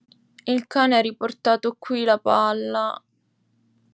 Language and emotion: Italian, sad